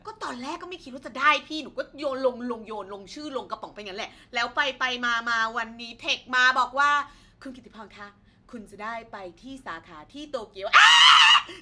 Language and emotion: Thai, happy